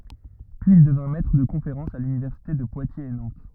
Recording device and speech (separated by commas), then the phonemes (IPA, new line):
rigid in-ear microphone, read sentence
pyiz il dəvjɛ̃ mɛtʁ də kɔ̃feʁɑ̃sz a lynivɛʁsite də pwatjez e nɑ̃t